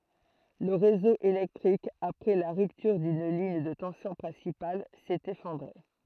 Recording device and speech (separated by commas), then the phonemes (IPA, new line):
throat microphone, read sentence
lə ʁezo elɛktʁik apʁɛ la ʁyptyʁ dyn liɲ də tɑ̃sjɔ̃ pʁɛ̃sipal sɛt efɔ̃dʁe